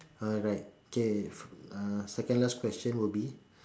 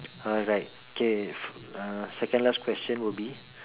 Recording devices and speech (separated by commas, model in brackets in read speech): standing microphone, telephone, conversation in separate rooms